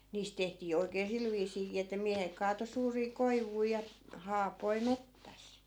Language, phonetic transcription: Finnish, 'niist tehtii 'oi̮kee "sil viisiikii että 'miähek kaato suurii 'koivui ja , 'haapoi "mettäs .
- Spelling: niistä tehtiin oikein sillä viisiinkin että miehet kaatoi suuria koivuja ja haapoja metsässä

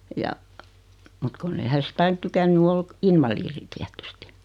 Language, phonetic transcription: Finnish, ja , mut 'kunn ‿ei hä si't ‿ain 'tykänny oi , 'invaliiri 'tiätysti .
- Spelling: ja mutta kun ei hän sitten aina tykännyt olla invalidi tietysti

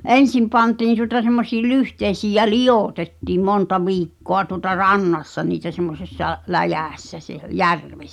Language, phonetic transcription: Finnish, ’en̬sim pantiin tuŏta semmosii 'lyhteisiij̆ jä "li ʲòtettiim 'monta 'viikkoa tuŏta "rannassa niitä semmosessa , 'läjä̀ssä seh- "järvessᴀ̈ .
- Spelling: ensin pantiin tuota semmoisiin lyhteisiin ja - liotettiin monta viikkoa tuota rannassa niitä semmoisessa läjässä - järvessä

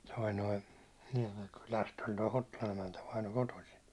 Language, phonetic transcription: Finnish, toi noi , 'Niɛmeŋkylästhän toi "Hottolan ‿emäntä vaino 'kotosin .
- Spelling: tuo nuo Niemenkylästähän tuo Hottolan emäntä vainaja kotoisin

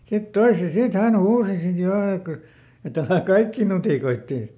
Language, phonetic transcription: Finnish, ˈsit "toise , ˈsit ˈhän "huusi sit ˈjo ek kyˡ , et‿ » ˈälä̀ "kaikkì ˈnutìkoittè ! »
- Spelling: sitten toisen sitten hän huusi sitten jo että kyllä että älä kaikkia nutikoitse

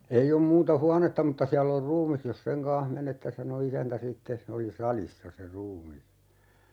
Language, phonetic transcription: Finnish, » 'ei om 'muuta "huanetta mutta 'siäll ‿or "ruumis jos 'seŋ kaa̰h "menette » sano "isäntä 'sittes se 'oli "salissa se 'ruumis .
- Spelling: ei ole muuta huonetta mutta siellä on ruumis jos sen kanssa menette sanoi isäntä sitten se oli salissa se ruumis

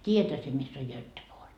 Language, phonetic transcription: Finnish, 't́iijäthä sie miss ‿oj 'Jöttepoor .
- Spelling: tiedäthän sinä missä on Göteborg

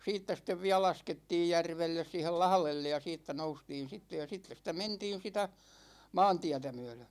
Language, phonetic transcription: Finnish, 'siittä sĭt̆tev 'viä "laskettiij 'järvelles 'siihel "lahlellej ja 'siittä 'noustiin̬ sitte ja , ja 'sittes sitä "mentiin̬ 'sitä , "maantiätä myö̬lö .
- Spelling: siitä sitten vielä laskettiin järvelle siihen lahdelle ja siitä noustiin sitten ja ja sitten sitä mentiin sitä maantietä myöden

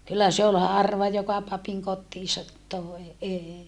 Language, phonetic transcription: Finnish, kyllä se ol harva joka papiŋ kottiisat toe eei .
- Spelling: kyllä se oli harva joka papin kotiinsa toi ei

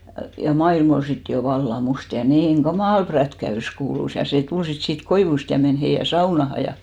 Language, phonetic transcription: Finnish, ja 'mailm ‿ol 'sit jo 'valla 'must ja 'niiŋ "ɢamàl 'prätkä₍ys 'kuulus , ja sè 'tul sit siit 'koivust ja 'men heijä "saunaha ja .
- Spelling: ja maailma oli sitten jo vallan musta ja niin kamala prätkäys kuului ja se tuli sitten siitä koivusta ja meni heidän saunaan ja

